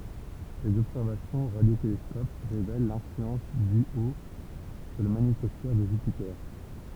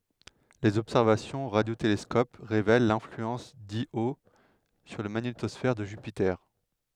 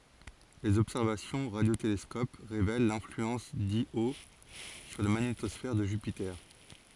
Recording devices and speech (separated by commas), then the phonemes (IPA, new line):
temple vibration pickup, headset microphone, forehead accelerometer, read sentence
lez ɔbsɛʁvasjɔ̃z o ʁadjotelɛskɔp ʁevɛl lɛ̃flyɑ̃s djo syʁ la maɲetɔsfɛʁ də ʒypite